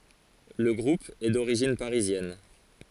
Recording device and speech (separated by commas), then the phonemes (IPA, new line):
forehead accelerometer, read sentence
lə ɡʁup ɛ doʁiʒin paʁizjɛn